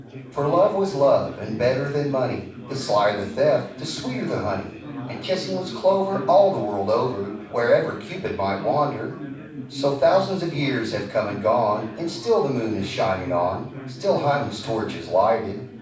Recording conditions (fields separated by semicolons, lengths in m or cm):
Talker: one person; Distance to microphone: 5.8 m; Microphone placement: far; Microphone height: 1.8 m; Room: medium-sized (5.7 m by 4.0 m); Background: babble